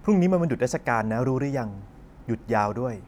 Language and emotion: Thai, neutral